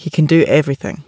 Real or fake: real